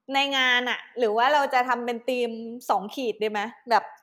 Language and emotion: Thai, neutral